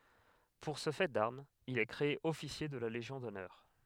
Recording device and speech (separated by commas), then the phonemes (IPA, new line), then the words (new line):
headset microphone, read sentence
puʁ sə fɛ daʁmz il ɛ kʁee ɔfisje də la leʒjɔ̃ dɔnœʁ
Pour ce fait d'armes, il est créé officier de la Légion d'honneur.